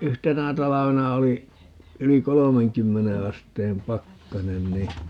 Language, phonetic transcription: Finnish, "yhtenä 'talavena 'oli , 'yli "kolomeŋkymmene 'asteem 'pakkanen ni , .
- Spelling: yhtenä talvena oli yli kolmenkymmenen asteen pakkanen niin

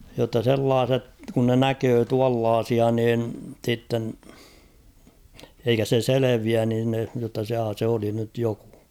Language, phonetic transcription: Finnish, jotta 'sellaaset , kun ne "näköö 'tuallaasia niin , sitten , eikä se "seleviän niin (ne) , jotta 'jaa se oli nyt 'jokᴜ .
- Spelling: jotta sellaiset kun ne näkee tuollaisia niin sitten eikä se selviä niin ne jotta jaa se oli nyt joku

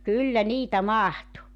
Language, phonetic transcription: Finnish, 'kyllä 'niitä "mahtu .
- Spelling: kyllä niitä mahtui

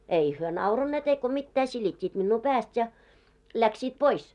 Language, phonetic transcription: Finnish, 'ei hyö 'nauranneet eiko mittää 'silit́t́iit minnuu 'pääst ja , 'läksiit 'pois .
- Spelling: ei he nauraneet eikä mitään silittivät minua päästä ja lähtivät pois

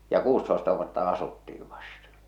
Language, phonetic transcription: Finnish, ja 'kuustoesta vuotta 'asuttii vasta .
- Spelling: ja kuusitoista vuotta asuttiin vasta

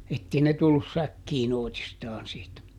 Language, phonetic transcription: Finnish, ˈettei ne tullus ˈsäkkiiˈn ‿òitistaan siitä .
- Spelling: että ei ne tullut säkkiin oitistaan siitä

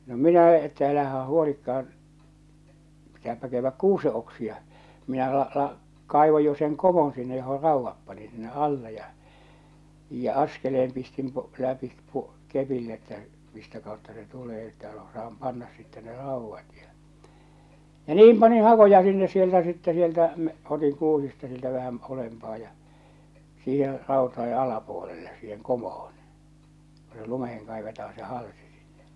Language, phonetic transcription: Finnish, no "minä että älähä 'huolikka₍an , pitääpä käyvväk "kuuse oksia , minä la- ᵃla- , 'kàivoj jo seŋ 'komon sinne joho 'ràuvvap panin sinne '’alle ja , ja 'askeleem pistim po- , läpi po- , 'kepin että , mistä kàotta se 'tulee että osaam "pannas sittɛ ne "ràuvvat ja , ja "niim paniḭ 'hakoja sinnes sieltä sittɛ 'sieltä , m- otiŋ 'kuusista sieltä vähäm̳ , 'ulempaa ja , siiher̆ , ràotae 'alapuolelle , siiheŋ 'komohon̬ , ko se 'lumeheŋ kaivetaa se "halsi sɪɴɴᴇ .
- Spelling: no minä että älähän huolikaan pitääpä käydä kuusen oksia minä - - kaivoin jo sen komon sinne johon raudan panin sinne alle ja ja askeleen pistin - läpi - kepin että mistä kautta se tulee että osaa panna sitten ne raudat ja ja niin panin hakoja sinne sieltä sitten sieltä - otin kuusista sieltä vähän ylempää ja siihen rautojen alapuolelle siihen komoon kun se lumeen kaivetaan se halsi sinne

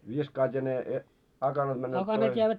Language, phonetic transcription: Finnish, 'viskaat ja 'ne , 'akanat männöt pois .
- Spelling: viskaat ja ne akanat menevät pois

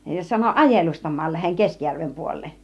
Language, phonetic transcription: Finnish, sano » "ajelustam̆maal läheŋ 'Keskĭjärvem puol̆leen̬ « .
- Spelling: sanoi ajelustamaan lähden Keskijärven puoleen

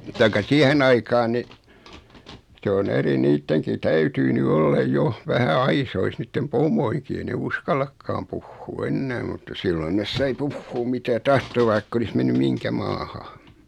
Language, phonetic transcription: Finnish, taikka 'siähen ‿aikaan ni , se on 'eri 'niitteŋki "täytyy ny 'olla "joh , 'vähä "aisois 'niittem "pom̆moiŋki ei ne 'uskall̆akkaam puhhuu 'ennää mutta siilon nes 'sai "puhhuum mitä 'tahto vaikk ‿olis 'menny "miŋkä maaha .
- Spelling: tai siihen aikaan niin se on eri niidenkin täytyy nyt olla jo vähän aisoissa niiden pomojenkin ei ne uskallakaan puhua enää mutta silloin ne sai puhua mitä tahtoi vaikka olisi mennyt mihinkä maahan

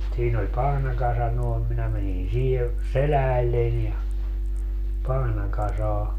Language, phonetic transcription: Finnish, 'siin ‿oĺ 'pahnakasa nòem 'minä mänin 'siihe , "seläälleń ja , 'pahnakasaa .
- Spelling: siinä oli pahnakasa noin minä menin siihen selälleni ja pahnakasaan

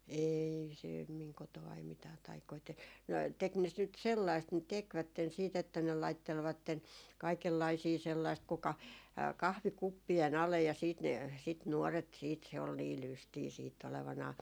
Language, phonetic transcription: Finnish, "eei se- , 'miŋ koto₍ai 'mitää 'taikoi te- , no 'tek ne ‿s- nyt 'sellaist ne "tekvätten siit ‿että ne 'laittelvatten , 'kaikellaisii 'sellaist 'kuka , 'kahvi"kuppi₍e'n ‿alej ja siit ne , sit 'nuɔret siit se ol nii "lystii siitt ‿olevanaa .
- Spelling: ei - minun kotonani mitään taikoja - no teki ne - nyt sellaista ne tekivät sitten että ne laittelivat kaikenlaisia sellaista kuka kahvikuppien alle ja sitten ne sitä nuoret sitten se oli niin lystiä sitten olevinaan

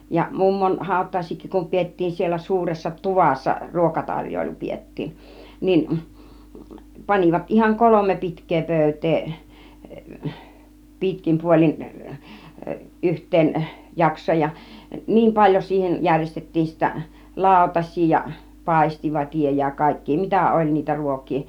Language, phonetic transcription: Finnish, ja 'mummon 'hàut̆tàis̆siik̆kik kum 'piettiin siellä 'suuressa "tuvassa , "ruokataŕj̀oilu 'piettiin nin , 'pan͕ivat ihaŋ "kolome 'pi̬tk̆kee 'pö̀yt̆tee , 'pi̬tkim 'puol͕in , 'yht̆teeⁿˀ 'jaks̆sooj ja , 'niim paĺjo siihej 'jäŕjestet̀tiin sittä , "làutaś̆sii ja , "pàistivat͕ija ja , kàik̀kii 'mitä "oĺ niitä 'ruok̆kii .
- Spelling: ja mummon hautajaisiinkin kun pidettiin siellä suuressa tuvassa ruokatarjoilu pidettiin niin panivat ihan kolme pitkää pöytää pitkin puolin yhteen jaksoon ja niin paljon siihen järjestettiin sitten lautasia ja paistivatia ja kaikkia mitä oli niitä ruokia

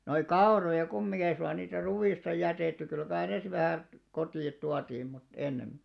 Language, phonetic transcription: Finnish, noik̆§ "kao§roja 'kummiŋɢi 'ei suŋɢa niitä 'ruwìsta 'jätètty kyl kai nes 'vähä̀ , 'kotì₍at tuatii mut , 'ennemmi .
- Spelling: noita kauroja kumminkin ei suinkaan niitä ruista jätetty kyllä kai ne vähän kotiin tuotiin mutta ennemmin

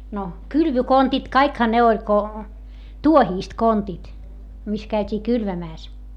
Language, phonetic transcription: Finnish, no , kylvykontit kaikha ne oĺ ko , tuohiist kontit , mis käyt́ii kylvämääs .
- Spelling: no kylvökontit kaikkihan ne oli kun tuohista kontit missä käytiin kylvämässä

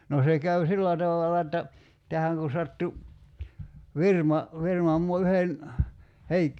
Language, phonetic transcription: Finnish, no 'se käy "sillä tavala että , 'tähäŋ ku sattu , "virma , 'virmam mua 'yhen , 'Heik- ,.
- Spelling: no se käy sillä tavalla että tähän kun sattui firma firman maa yhden -

